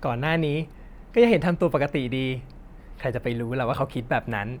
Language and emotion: Thai, neutral